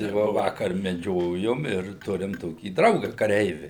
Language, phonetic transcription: Lithuanian, tai ˈvo ˈvakar meˈdžiojum ir ˈturim ˈtokį ˈdrauga kaˈreivi

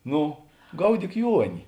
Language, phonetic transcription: Lithuanian, ˈnu ˈgaudyk ˈjuoni

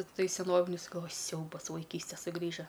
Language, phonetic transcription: Lithuanian, ˈtai seˈnovinius galˈvoju ˈsiaubas vaiˈkystė suˈgrįža

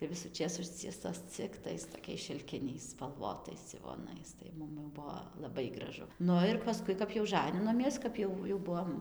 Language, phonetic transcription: Lithuanian, tai visųˈčės ˈužciestos cik ˈtais toˈkiais šilˈkiniais spalˈvotais dzivoˈnais tai ˈmum jau ˈbuvo laˈbai graˈžu ˈnu ir paˈskui kap jau ˈžaninomies kap ˈjau jau ˈbuvom

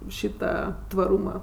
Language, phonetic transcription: Lithuanian, ˈšyta tvaˈrūma

